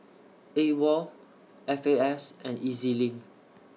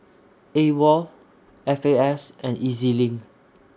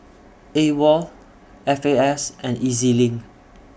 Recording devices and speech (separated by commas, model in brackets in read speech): mobile phone (iPhone 6), standing microphone (AKG C214), boundary microphone (BM630), read sentence